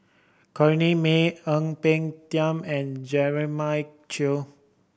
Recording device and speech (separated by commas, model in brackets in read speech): boundary microphone (BM630), read sentence